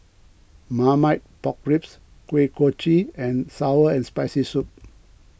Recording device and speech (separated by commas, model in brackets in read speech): boundary microphone (BM630), read sentence